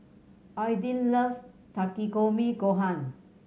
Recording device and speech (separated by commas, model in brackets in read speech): mobile phone (Samsung C7100), read sentence